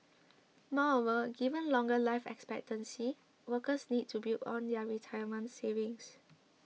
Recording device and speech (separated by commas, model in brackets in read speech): mobile phone (iPhone 6), read sentence